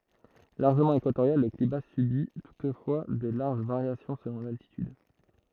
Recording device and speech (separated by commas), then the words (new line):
throat microphone, read sentence
Largement équatorial, le climat subit toutefois de larges variations selon l’altitude.